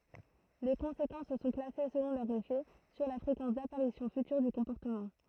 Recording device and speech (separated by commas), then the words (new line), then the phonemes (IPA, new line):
throat microphone, read sentence
Les conséquences sont classées selon leur effet sur la fréquence d'apparition future du comportement.
le kɔ̃sekɑ̃s sɔ̃ klase səlɔ̃ lœʁ efɛ syʁ la fʁekɑ̃s dapaʁisjɔ̃ fytyʁ dy kɔ̃pɔʁtəmɑ̃